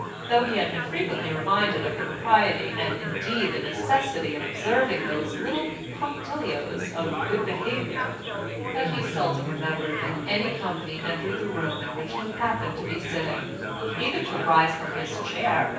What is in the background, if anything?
Crowd babble.